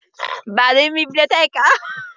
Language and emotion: Italian, happy